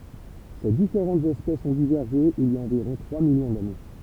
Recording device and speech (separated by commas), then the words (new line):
temple vibration pickup, read sentence
Ces différentes espèces ont divergé il y a environ trois millions d'années.